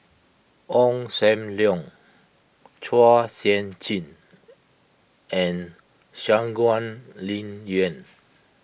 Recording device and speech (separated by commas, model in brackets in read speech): boundary microphone (BM630), read sentence